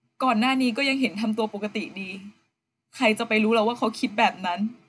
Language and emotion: Thai, sad